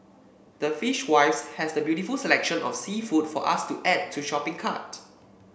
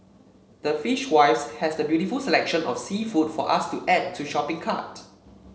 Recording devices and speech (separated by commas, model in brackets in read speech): boundary microphone (BM630), mobile phone (Samsung C7), read sentence